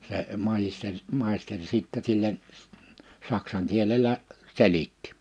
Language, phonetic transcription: Finnish, se , 'majisteŕ , 'màisteŕ sittɛ sillen , 'saksaŋ kielelä , 'selittɪ .
- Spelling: se maisteri maisteri sitten sille saksan kielellä selitti

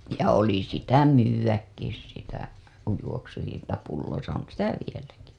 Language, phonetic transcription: Finnish, ja oli sitä "myywäkkis sitä , juoksutinta pulloisa 'on "sitä "vieläki .
- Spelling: ja oli sitä myydäkin sitä juoksutinta pulloissa on sitä vieläkin

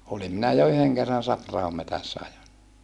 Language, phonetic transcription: Finnish, olim minä ja yheŋ kerran Saprahom metässä ajon .
- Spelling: olin minä ja yhden kerran Sapra-ahon metsässä ajoin

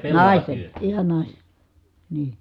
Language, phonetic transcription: Finnish, nàisten , ihan nàisE , nii .
- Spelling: naisten ihan naisen niin

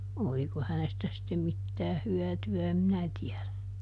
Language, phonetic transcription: Finnish, ˈoliko hänestä sittem ˈmittääh "hyäty₍ä em ˈminä tiɛδä .
- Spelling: oliko hänestä sitten mitään hyötyä en minä tiedä

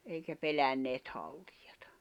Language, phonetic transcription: Finnish, eikä 'pelänneet 'haltlᴊᴀtᴀ .
- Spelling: eikä pelänneet haltioita

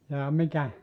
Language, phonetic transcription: Finnish, jaa 'mikä ?
- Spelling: jaa mikä

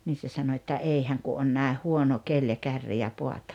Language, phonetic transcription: Finnish, nii se 'sano että » 'ei häŋ ku 'on nä̀eh "huono 'keĺ ja 'kärri ja poat .
- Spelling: niin se sanoi että ei hän kun on näin huono keli ja kärri ja paatti

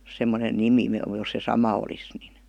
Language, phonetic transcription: Finnish, 'semmonen "nimi (- -) jos se "sama olis nin .
- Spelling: semmoinen nimi - jos se sama olisi niin

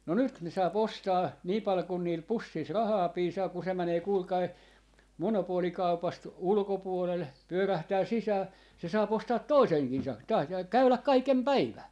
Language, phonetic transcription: Finnish, no 'nyt ne 'saa'p ‿ostaa , nii pal kun niil 'pussis "rahaa 'piisaa ku se 'mänee 'kuulkai , 'monopoolikaupast 'ulkopuolel , 'pyörähtää 'sisää , se 'saap 'ostaa "toiseŋkii sa- , taas ja , käyläk "kaikem "päivää .
- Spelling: no nyt ne saa ostaa niin paljon kuin niillä pussissa rahaa piisaa kun se menee kuulkaa monopolikaupasta ulkopuolelle pyörähtää sisään se saa ostaa toisenkin - taas ja käydä kaiken päivää

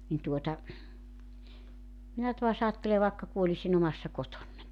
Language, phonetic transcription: Finnish, nin tuota , 'minä tua's ‿aattele vàekka 'kuoĺisin ‿omassa 'kotonnań .
- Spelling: niin tuota minä taas ajattelen vaikka kuolisin omassa kotonani

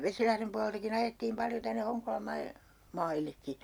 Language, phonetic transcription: Finnish, 'Vesilahrem pualeltaki'n ‿ajettiim "paljo 'tänne 'Hoŋkolam 'mai- , "maillekki .
- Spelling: Vesilahden puoleltakin ajettiin paljon tänne Honkolan - maillekin

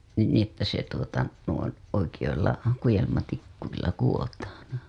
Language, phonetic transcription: Finnish, ni ni ‿että se tuota , oi- , oikijoilla , 'kujelmatikkuilla 'kuwotaaN .
- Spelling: niin niin että se tuota - oikeilla kudelmatikuilla kudotaan

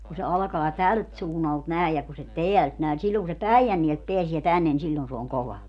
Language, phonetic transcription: Finnish, ku se 'alkaa "tält suunnalt 'nä̀ej ja ku se "teält nä̀e ni 'silloŋ ku se "Päijännielt 'peäsie 'tännen ni 'siĺĺon se oŋ "kova .
- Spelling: kun se alkaa tältä suunnalta näin ja kun se täältä näin niin silloin kun se Päijänteeltä pääsee tänne niin silloin se on kova

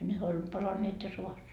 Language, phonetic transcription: Finnish, 'nehä oĺ , 'palaneet jo 'sovas .
- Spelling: nehän oli palaneet jo sodassa

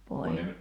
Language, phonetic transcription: Finnish, poi- .
- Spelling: -

